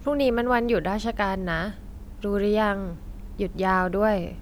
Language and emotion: Thai, frustrated